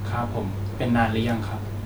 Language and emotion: Thai, neutral